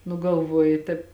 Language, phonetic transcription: Lithuanian, nu galˈvoji ˈtaip

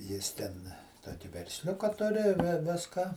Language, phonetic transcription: Lithuanian, ˈjis ten ˈtoki versˈliuka ˈturi ˈviską

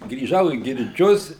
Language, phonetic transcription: Lithuanian, grįˈžau į girˈdžius

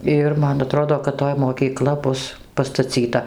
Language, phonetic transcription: Lithuanian, ˈir ˈman aˈtrodo kad ˈtoj moˈkykla ˈbus pastaˈcyta

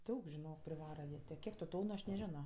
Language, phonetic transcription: Lithuanian, ˈdaug žiˈnok priˈvara jie ˈtė ˈkiek tu ˈtonu ˈaš neˈženo

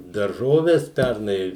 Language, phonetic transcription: Lithuanian, darˈžoves ˈpærnai

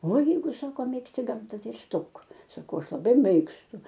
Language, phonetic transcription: Lithuanian, ˈvaˈjeigu ˈsako ˈmėgsti ˈgamta ˈtai ir ˈstok saˈkau ˈaš laˈbai ˈmėgstu

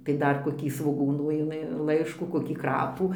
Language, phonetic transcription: Lithuanian, tai ˈdar koˈkį svoˈgūnų iˈmi ˈlaiškų koˈkį ˈkrapų

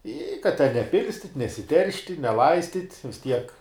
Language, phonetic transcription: Lithuanian, i kad ten neˈpilstit' nesiˈteršti neˈlaistit' vis ˈtiek

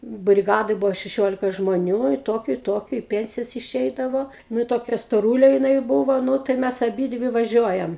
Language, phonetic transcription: Lithuanian, briˈgadoj ˈbuvo šeˈšiolika žmoˈnių i ˈtokiu i ˈtokiu i ˈpensijas iˈšeidavo ˈnu toˈkia stoˈrūlė jiˈnai ˈbūvo ˈnu tai ˈmes aˈbydvi vaˈžiuojam

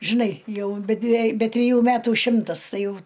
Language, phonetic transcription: Lithuanian, žiˈnai ˈjau be dvie be triˈjų ˈmetų ˈšimtas ˈtai ˈjau

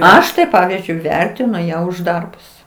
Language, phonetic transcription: Lithuanian, ˈaš tai ˈpavyzdžiui ˈvertinu ˈją už ˈdarbus

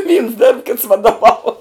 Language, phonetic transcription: Lithuanian, vyns derb kits vadoˈvau

